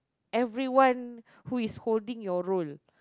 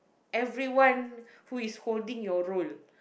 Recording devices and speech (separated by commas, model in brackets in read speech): close-talking microphone, boundary microphone, conversation in the same room